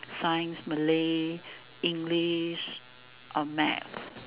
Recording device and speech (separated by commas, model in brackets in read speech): telephone, conversation in separate rooms